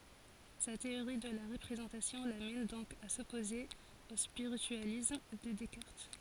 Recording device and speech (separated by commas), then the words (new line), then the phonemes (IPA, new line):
forehead accelerometer, read sentence
Sa théorie de la représentation l'amène donc à s'opposer au spiritualisme de Descartes.
sa teoʁi də la ʁəpʁezɑ̃tasjɔ̃ lamɛn dɔ̃k a sɔpoze o spiʁityalism də dɛskaʁt